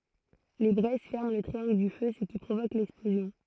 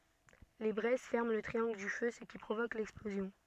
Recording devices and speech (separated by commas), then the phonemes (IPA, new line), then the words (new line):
throat microphone, soft in-ear microphone, read sentence
le bʁɛz fɛʁmɑ̃ lə tʁiɑ̃ɡl dy fø sə ki pʁovok lɛksplozjɔ̃
Les braises ferment le triangle du feu, ce qui provoque l'explosion.